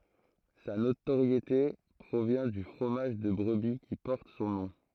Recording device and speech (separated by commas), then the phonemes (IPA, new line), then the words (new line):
throat microphone, read sentence
sa notoʁjete pʁovjɛ̃ dy fʁomaʒ də bʁəbi ki pɔʁt sɔ̃ nɔ̃
Sa notoriété provient du fromage de brebis qui porte son nom.